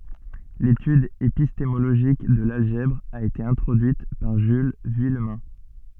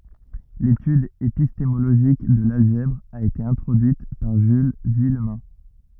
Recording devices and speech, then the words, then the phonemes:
soft in-ear microphone, rigid in-ear microphone, read sentence
L'étude épistémologique de l'algèbre a été introduite par Jules Vuillemin.
letyd epistemoloʒik də lalʒɛbʁ a ete ɛ̃tʁodyit paʁ ʒyl vyijmɛ̃

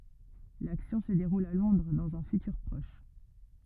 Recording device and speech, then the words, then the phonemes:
rigid in-ear microphone, read sentence
L’action se déroule à Londres, dans un futur proche.
laksjɔ̃ sə deʁul a lɔ̃dʁ dɑ̃z œ̃ fytyʁ pʁɔʃ

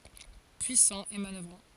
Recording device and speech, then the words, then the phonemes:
forehead accelerometer, read sentence
Puissant et manoeuvrant.
pyisɑ̃ e manœvʁɑ̃

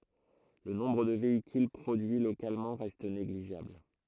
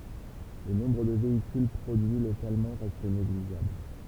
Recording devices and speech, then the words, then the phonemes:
throat microphone, temple vibration pickup, read sentence
Le nombre de véhicules produits localement reste négligeable.
lə nɔ̃bʁ də veikyl pʁodyi lokalmɑ̃ ʁɛst neɡliʒabl

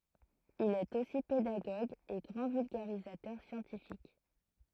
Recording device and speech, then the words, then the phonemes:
throat microphone, read sentence
Il est aussi pédagogue et grand vulgarisateur scientifique.
il ɛt osi pedaɡoɡ e ɡʁɑ̃ vylɡaʁizatœʁ sjɑ̃tifik

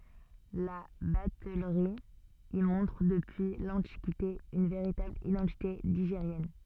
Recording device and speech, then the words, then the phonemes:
soft in-ear microphone, read sentence
La batellerie y montre depuis l'Antiquité une véritable identité ligérienne.
la batɛlʁi i mɔ̃tʁ dəpyi lɑ̃tikite yn veʁitabl idɑ̃tite liʒeʁjɛn

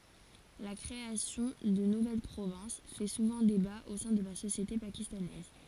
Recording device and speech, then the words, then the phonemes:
forehead accelerometer, read sentence
La création de nouvelles provinces fait souvent débat au sein de la société pakistanaise.
la kʁeasjɔ̃ də nuvɛl pʁovɛ̃s fɛ suvɑ̃ deba o sɛ̃ də la sosjete pakistanɛz

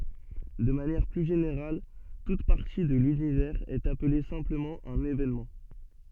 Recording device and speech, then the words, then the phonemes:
soft in-ear microphone, read sentence
De manière plus générale, toute partie de l'univers est appelée simplement un événement.
də manjɛʁ ply ʒeneʁal tut paʁti də lynivɛʁz ɛt aple sɛ̃pləmɑ̃ œ̃n evenmɑ̃

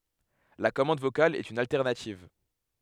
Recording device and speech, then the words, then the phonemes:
headset microphone, read sentence
La commande vocale est une alternative.
la kɔmɑ̃d vokal ɛt yn altɛʁnativ

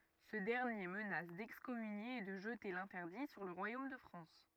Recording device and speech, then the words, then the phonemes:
rigid in-ear microphone, read sentence
Ce dernier menace d'excommunier et de jeter l'interdit sur le royaume de France.
sə dɛʁnje mənas dɛkskɔmynje e də ʒəte lɛ̃tɛʁdi syʁ lə ʁwajom də fʁɑ̃s

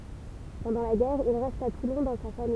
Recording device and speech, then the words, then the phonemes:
temple vibration pickup, read sentence
Pendant la guerre, il reste à Toulon dans sa famille.
pɑ̃dɑ̃ la ɡɛʁ il ʁɛst a tulɔ̃ dɑ̃ sa famij

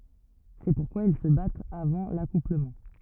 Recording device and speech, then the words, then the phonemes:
rigid in-ear microphone, read sentence
C'est pourquoi ils se battent avant l'accouplement.
sɛ puʁkwa il sə batt avɑ̃ lakupləmɑ̃

